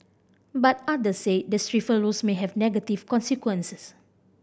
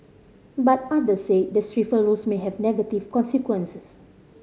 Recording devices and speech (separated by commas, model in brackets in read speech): boundary microphone (BM630), mobile phone (Samsung C5010), read sentence